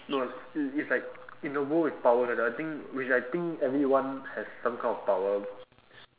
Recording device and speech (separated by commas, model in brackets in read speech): telephone, conversation in separate rooms